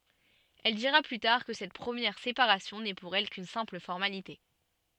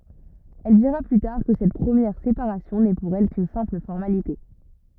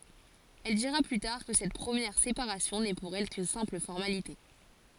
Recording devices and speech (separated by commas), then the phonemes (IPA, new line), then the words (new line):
soft in-ear microphone, rigid in-ear microphone, forehead accelerometer, read sentence
ɛl diʁa ply taʁ kə sɛt pʁəmjɛʁ sepaʁasjɔ̃ nɛ puʁ ɛl kyn sɛ̃pl fɔʁmalite
Elle dira plus tard que Cette première séparation n'est pour elle qu'une simple formalité.